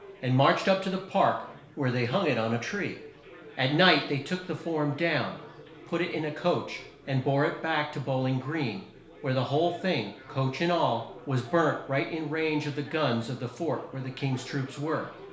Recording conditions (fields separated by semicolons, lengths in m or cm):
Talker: one person; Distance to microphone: 1.0 m; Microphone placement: close; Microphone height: 1.1 m; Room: small (3.7 m by 2.7 m); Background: babble